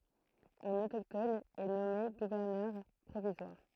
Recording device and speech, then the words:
throat microphone, read sentence
Un autochtone est nommé gouverneur provisoire.

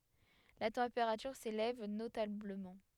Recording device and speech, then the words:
headset microphone, read sentence
La température s'élève notablement.

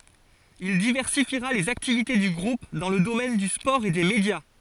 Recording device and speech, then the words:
forehead accelerometer, read sentence
Il diversifiera les activités du groupe dans le domaine du sport et des médias.

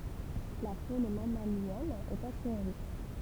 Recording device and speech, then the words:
temple vibration pickup, read sentence
La faune mammalienne est assez riche.

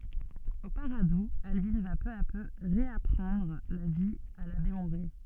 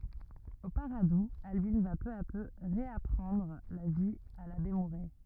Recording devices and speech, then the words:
soft in-ear microphone, rigid in-ear microphone, read sentence
Au Paradou, Albine va peu à peu réapprendre la vie à l’abbé Mouret.

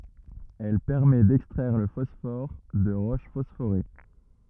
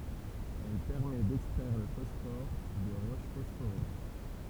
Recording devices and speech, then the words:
rigid in-ear microphone, temple vibration pickup, read sentence
Elle permet d’extraire le phosphore de roches phosphorées.

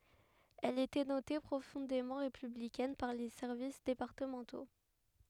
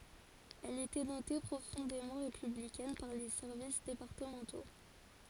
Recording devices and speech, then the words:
headset microphone, forehead accelerometer, read sentence
Elle était notée profondément républicaine par les services départementaux.

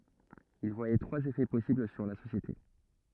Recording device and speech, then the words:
rigid in-ear microphone, read sentence
Il voyait trois effets possibles sur la société.

